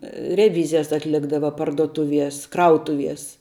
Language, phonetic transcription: Lithuanian, reˈvyzijas atˈlikdava parduoˈtuvies ˈkrautuvies

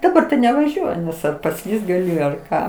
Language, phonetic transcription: Lithuanian, daˈbar tai nevaˈžiuoju ˈnes ar paˈslyst gaˈli ar ˈką

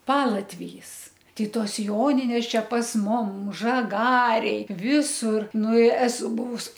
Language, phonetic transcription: Lithuanian, ˈpalatvijys tai ˈtos ˈjoninės ˈčia pas ˈmum žaˈgarėj ˈvisur ˈnu i ˈesu ˈbuvus

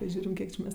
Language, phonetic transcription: Lithuanian, ˈžiūrim ˈkiek či ˈmes

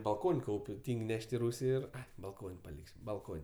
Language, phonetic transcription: Lithuanian, balˈkon' ˈkaup' ˈtyng' ˈneš't' i ˈrūsi ir balˈkon' paˈlik's' balˈkon'

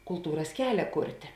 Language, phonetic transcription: Lithuanian, kulˈtūras ˈkelia ˈkurtė

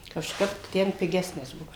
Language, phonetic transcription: Lithuanian, kažˈkap ˈten piˈgesnis ˈbuo

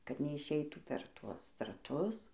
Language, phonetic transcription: Lithuanian, kad neišˈeitų per ˈtuos draˈtus

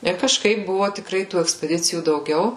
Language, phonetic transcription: Lithuanian, ir kažˈkaip ˈbuvo tikˈrai tų ekspeˈdicijų dauˈgiau

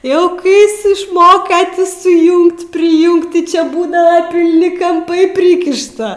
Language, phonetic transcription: Lithuanian, ˈjau ˈkai ˈjis išˈmoka ˈti suˈjungt priˈjungt ti čia ˈbūdava pilˈni kamˈpai ˈprykišta

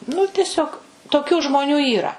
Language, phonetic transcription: Lithuanian, nu teˈsiog toˈkių žmoˈnių yˈra

